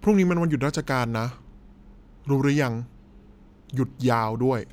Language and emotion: Thai, neutral